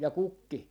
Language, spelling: Finnish, ja kukki
- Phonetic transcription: ja 'kukki .

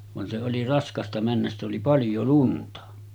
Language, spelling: Finnish, vaan se oli raskasta mennä sitä oli paljon lunta
- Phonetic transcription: van se oli 'raskasta männäs sitᵗ ‿oli "paljo 'lunta .

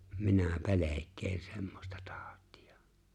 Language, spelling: Finnish, minä pelkään semmoista tautia
- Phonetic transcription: 'minä "pe̬lek̀een 'semmosta 'taaᵒt̀ɪᴀ .

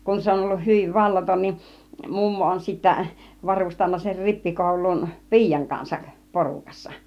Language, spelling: Finnish, kun se on ollut hyvin vallaton niin mummo on sitten varustanut sen rippikouluun piian kanssa porukassa
- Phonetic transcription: kun 'se on olluh 'hyviv 'vallaton nin , 'mummo on sittä , 'varustanna ser 'rippikòul̆luun , "pi̬ijaŋ kansak , "porukassa .

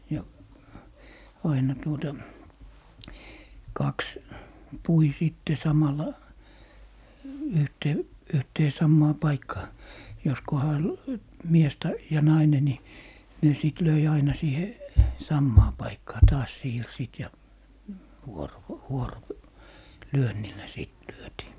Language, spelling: Finnish, ja aina tuota kaksi pui sitten samalla - yhteen samaan paikkaan jos kunhan mies - ja nainen niin ne sitten löi aina siihen samaan paikkaan taas siirsivät ja - - vuorolyönnillä sitten lyötiin
- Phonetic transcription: ja , 'aina tuota , 'kaks , 'pui sìtte 'samalla , 'yhtee- , 'yhtee 'sammaa "paikkaa , jos "koha , 'mies ta- , ja 'naine ni , ne sìt 'löi aina 'siihe , "sammaa 'paikkaa taas 'siirsiit ja , 'vuoro- , 'vuoro- , -"lyönnillä 'sìt 'lyötii .

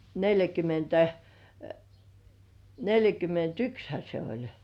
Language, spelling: Finnish, neljäkymmentä neljäkymmentäyksihän se oli
- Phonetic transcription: 'neljäkymentä , 'neljäkyment"ykshä se oĺ .

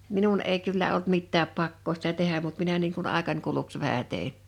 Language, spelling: Finnish, minun ei kyllä ollut mitään pakkoa sitä tehdä mutta minä niin kuin aikani kuluksi vähän tein
- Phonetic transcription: 'minun 'èi 'kyllä olt 'mittääp 'pakkoo sⁱtä 'tehäm mut 'minä niiŋ kun 'àekań kuluks 'vähä 'tèin̬ .

